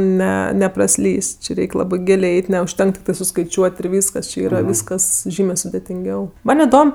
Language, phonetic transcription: Lithuanian, ˈne nepraˈslys' ˈči ˈreik' ˈlabɜ ˈgilė ˈeit' neužˈtenka tikˈtai suskaiˈčiuot' ir ˈvyskas či ˈyra ˈvyskas ˈžymė sudetinˈgiau ˈman' iˈdom

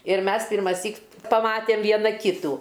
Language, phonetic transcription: Lithuanian, ir ˈmes pirmaˈsyk paˈmatem ˈviena ˈkytų

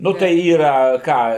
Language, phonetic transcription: Lithuanian, ˈnu tai ˈyra ˈką

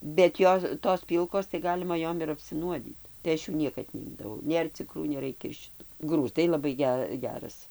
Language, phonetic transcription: Lithuanian, bet ˈjo tos ˈpylkos tai ˈgalima ˈjom ir apsiˈnuodyt tai ˈaš jų ˈniekad neˈimdavau ˈnėr cikˈrų neˈraikia ir šiˈtu ˈgrūzdai laˈbai ˈge ˈgeras

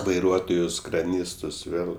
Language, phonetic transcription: Lithuanian, vaiˈruotojus kraˈnystus ˈvėl

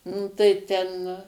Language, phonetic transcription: Lithuanian, ˈnu tai ˈten

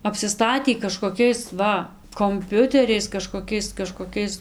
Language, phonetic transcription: Lithuanian, apsiˈstatį kažkoˈkiais ˈva komˈpiuteriais kažkoˈkiais kažkoˈkiais

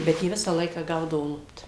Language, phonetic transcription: Lithuanian, ˈbet jie ˈvisą ˈlaiką ˈgaudavo ˈlupt

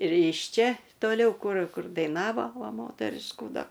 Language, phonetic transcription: Lithuanian, ir iš ˈčia toˈliau ˈkur ˈkur daiˈnavo ˈva ˈmoteriškų ˈda

